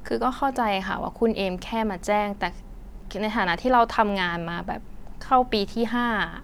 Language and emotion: Thai, frustrated